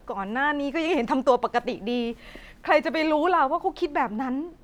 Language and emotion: Thai, frustrated